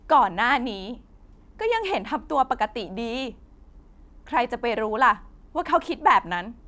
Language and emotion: Thai, sad